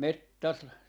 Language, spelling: Finnish, - -
- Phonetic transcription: 'met- , tas- , .

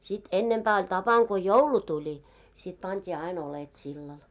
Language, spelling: Finnish, sitten ennempää oli tapana kun joulu tuli sitten pantiin aina oljet sillalle
- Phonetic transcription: sit 'ennempää oĺ 'tapaŋ ko "joulu 'tuĺi , sit pant́ii 'ain ‿olet sillal .

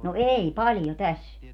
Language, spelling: Finnish, no ei paljon tässä
- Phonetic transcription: no "ei 'paljo "täs .

